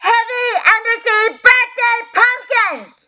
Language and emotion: English, angry